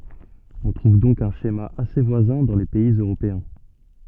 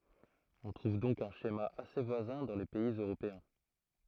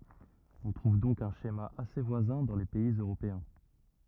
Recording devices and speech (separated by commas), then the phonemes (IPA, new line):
soft in-ear microphone, throat microphone, rigid in-ear microphone, read sentence
ɔ̃ tʁuv dɔ̃k œ̃ ʃema ase vwazɛ̃ dɑ̃ le pɛiz øʁopeɛ̃